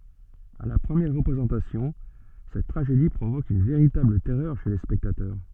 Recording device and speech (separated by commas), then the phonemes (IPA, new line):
soft in-ear microphone, read sentence
a la pʁəmjɛʁ ʁəpʁezɑ̃tasjɔ̃ sɛt tʁaʒedi pʁovok yn veʁitabl tɛʁœʁ ʃe le spɛktatœʁ